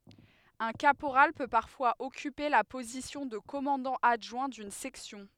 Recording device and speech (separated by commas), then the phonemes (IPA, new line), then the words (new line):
headset microphone, read sentence
œ̃ kapoʁal pø paʁfwaz ɔkype la pozisjɔ̃ də kɔmɑ̃dɑ̃ adʒwɛ̃ dyn sɛksjɔ̃
Un caporal peut parfois occuper la position de commandant adjoint d'une section.